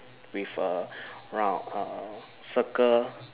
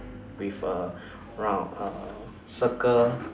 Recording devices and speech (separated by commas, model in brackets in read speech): telephone, standing microphone, conversation in separate rooms